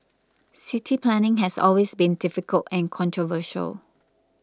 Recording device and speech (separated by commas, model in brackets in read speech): close-talking microphone (WH20), read sentence